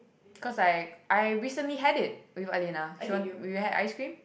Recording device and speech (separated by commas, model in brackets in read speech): boundary microphone, conversation in the same room